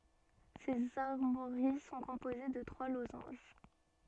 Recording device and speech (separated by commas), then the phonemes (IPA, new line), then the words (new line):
soft in-ear microphone, read sentence
sez aʁmwaʁi sɔ̃ kɔ̃poze də tʁwa lozɑ̃ʒ
Ses armoiries sont composées de trois losanges.